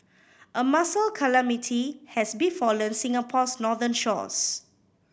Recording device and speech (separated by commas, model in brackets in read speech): boundary microphone (BM630), read sentence